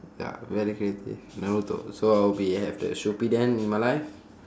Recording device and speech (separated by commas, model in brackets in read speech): standing microphone, conversation in separate rooms